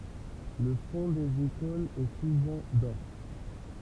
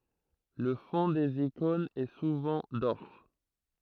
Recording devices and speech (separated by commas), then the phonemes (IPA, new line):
temple vibration pickup, throat microphone, read sentence
lə fɔ̃ dez ikɔ̃nz ɛ suvɑ̃ dɔʁ